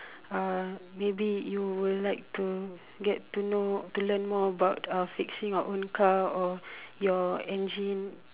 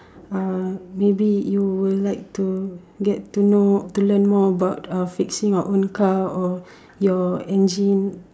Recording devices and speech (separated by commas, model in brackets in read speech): telephone, standing microphone, conversation in separate rooms